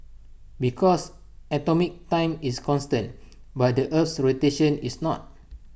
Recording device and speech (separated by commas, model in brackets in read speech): boundary microphone (BM630), read sentence